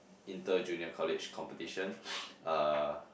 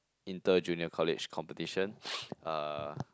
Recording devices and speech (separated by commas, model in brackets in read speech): boundary microphone, close-talking microphone, conversation in the same room